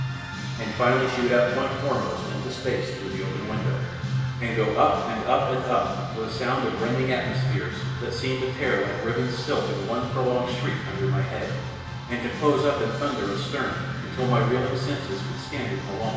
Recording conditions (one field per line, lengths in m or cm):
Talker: one person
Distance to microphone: 1.7 m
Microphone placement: close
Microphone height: 1.0 m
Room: very reverberant, large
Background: music